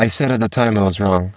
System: VC, spectral filtering